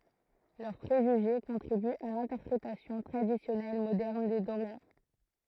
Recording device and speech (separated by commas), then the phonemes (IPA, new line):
throat microphone, read sentence
lœʁ pʁeʒyʒe kɔ̃tʁibyt a lɛ̃tɛʁpʁetasjɔ̃ tʁadisjɔnɛl modɛʁn de doʁjɛ̃